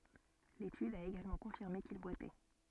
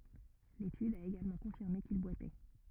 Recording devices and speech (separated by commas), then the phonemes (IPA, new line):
soft in-ear microphone, rigid in-ear microphone, read sentence
letyd a eɡalmɑ̃ kɔ̃fiʁme kil bwatɛ